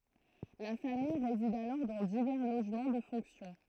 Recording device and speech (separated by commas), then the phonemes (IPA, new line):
throat microphone, read sentence
la famij ʁezid alɔʁ dɑ̃ divɛʁ loʒmɑ̃ də fɔ̃ksjɔ̃